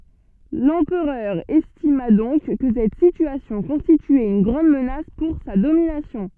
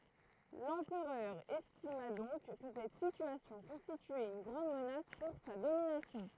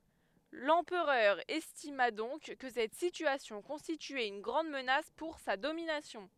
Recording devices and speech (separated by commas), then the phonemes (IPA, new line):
soft in-ear microphone, throat microphone, headset microphone, read sentence
lɑ̃pʁœʁ ɛstima dɔ̃k kə sɛt sityasjɔ̃ kɔ̃stityɛt yn ɡʁɑ̃d mənas puʁ sa dominasjɔ̃